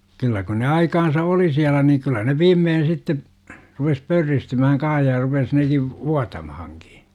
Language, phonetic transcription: Finnish, kyllä kun ne 'aikansa "oli 'siälä niiŋ kyllä ne 'viimmeen̬ sitte , rupes "pörristymähäŋ 'kaa̰h ja rupes neki , "vuatamahaŋkI .
- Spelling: kyllä kun ne aikansa oli siellä niin kyllä ne viimeiseksi sitten rupesi pörristymään kanssa ja rupesi nekin vuotamaankin

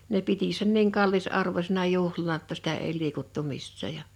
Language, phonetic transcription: Finnish, ne 'piti sen niiŋ 'kallis'arvośena 'juhlana ‿tta sitä ei 'liikuttu 'missä̀ ja .
- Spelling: ne piti sen niin kallisarvoisena juhlana jotta sitä ei liikuttu missään ja

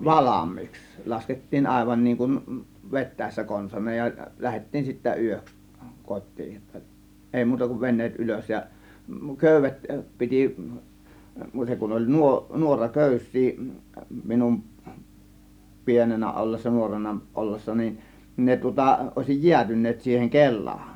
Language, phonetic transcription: Finnish, valam̆miiks , 'laskettiin 'àėvan niiŋ kun , "vet̆tä̀ėssä 'konsan̆naaj ja , 'lähettiin sittä "yöks , 'kot̆tii ‿ttə , èi 'muuta kuv "ven̆neet "ˀylös ja 'kö̀y̆v̆vet 'piti , 'muuteŋ kun oĺ 'nuo- , 'nuora 'kö̀ys̆sii minum , "pienenä ˀollessa , 'nuorena ˀollessa nin , 'ne tŭŏta , ˀòėsij "jiätyn̆neet siiheŋ "kel̆laan .
- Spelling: valmiiksi laskettiin aivan niin kuin vetäessä konsanaan ja lähdettiin sitten yöksi kotiin että ei muuta kuin veneet ylös ja köydet piti muuten kun oli - - nuoraköysiä minun pienenä ollessa nuorena ollessa niin ne tuota olisi jäätyneet siihen kelaan

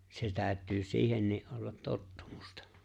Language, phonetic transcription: Finnish, se 'tääᵒ̈t̆tyy "siihennii' ’ollat "tottᴜᴍᴜstᴀ .
- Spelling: se täytyy siihenkin olla tottumusta

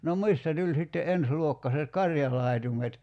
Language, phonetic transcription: Finnish, nom 'mistä 'tuĺ sitte "ens'luokkaset "karjalài̬tumet .
- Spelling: no mistä tuli sitten ensiluokkaiset karjalaitumet

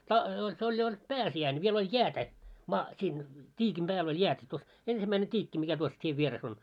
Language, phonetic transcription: Finnish, ta- se oĺ jo 'oĺ , 'pääsi₍äin , viel oĺ "jäätä , maa- siin , 't́iikim ʙääl ‿oĺ 'jäätä tuos , 'ensimmäine 't́iikki mikä tuos 'tiev 'vieres ‿on .
- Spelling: - se oli jo oli pääsiäinen vielä oli jäätä - siinä tiikin päällä oli jäätä tuossa ensimmäinen tiikki mikä tuossa tien vieressä on

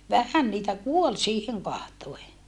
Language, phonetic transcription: Finnish, vähän niitä kuol siiheŋ kahtoe .
- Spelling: vähän niitä kuoli siihen katsoen

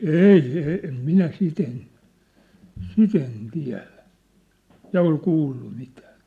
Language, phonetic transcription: Finnish, èi , e , em "minä "sit ‿en , "sit ‿en 'tiä̭lä , 'ja ol 'kuullu mitää ᵉt̀ä ,.
- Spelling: ei - en minä sitä en sitä en tiedä ja ole kuullut mitään että

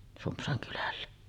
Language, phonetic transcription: Finnish, 'Sumpsaŋ kylällä .
- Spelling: Sumpsan kylällä

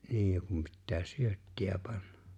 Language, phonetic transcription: Finnish, 'niij ja kum pittää "syöttiʲä 'panna .
- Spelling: niin ja kun pitää syöttiä panna

